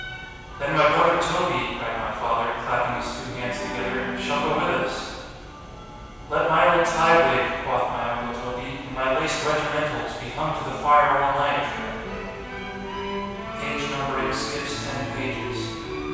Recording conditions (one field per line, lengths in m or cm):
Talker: one person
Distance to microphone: 7.1 m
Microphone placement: far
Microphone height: 1.7 m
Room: very reverberant, large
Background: music